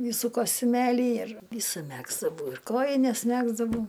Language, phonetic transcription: Lithuanian, ˈvysų kostiuˈmėlį ir ˈvysu ˈmegzdavau ir ˈkojines ˈmegzdavau

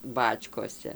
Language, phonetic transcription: Lithuanian, ˈbačkose

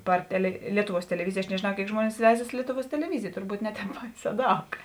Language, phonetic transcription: Lithuanian, ˈpar tele ˈlietuˌvuos teleˈvizij aš nežėˈnau ˈkėik ˈžmuonis ˈveizas ˈlietuˌvuos teleˈvizij turˈbūt ˈne ˌtēp ˈbaiˌsē ˈdaug

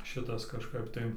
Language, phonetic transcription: Lithuanian, ˈšitas kažˈkap tai

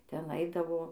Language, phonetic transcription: Lithuanian, ˈten ˈaidavo

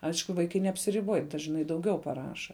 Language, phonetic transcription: Lithuanian, ˈaišku ˈvaikai neapsiriˈboj dažˈnai dauˈgiau paˈraša

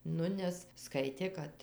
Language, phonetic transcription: Lithuanian, ˈnu ˈnes ˈskaitė ˈkad

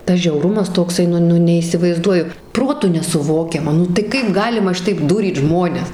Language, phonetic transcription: Lithuanian, ˈtas žiauˈrumas tokˈsai ˈnu ˈnu neįsivaizˈduoju ˈprotu nesuˈvokiama ˈnu tai ˈkaip ˈgalima ˈšitaip ˈdūryt ˈžmones

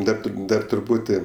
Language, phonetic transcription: Lithuanian, ˈdar ˈdar truˈpūti

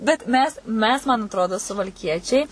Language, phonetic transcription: Lithuanian, bet ˈmes ˈmes man atˈrodo suvalˈkiečiai

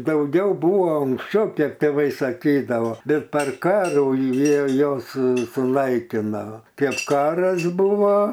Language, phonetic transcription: Lithuanian, dauˈgiau ˈbuvo unksˈčiau ˈkiek tėˈvai saˈkydavo ˈbet par ˈkarų ˈjie ˈjos su suˈnaikina ˈkėp ˈkaras ˈbūvo

